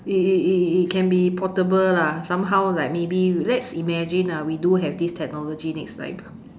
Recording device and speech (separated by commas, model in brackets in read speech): standing microphone, conversation in separate rooms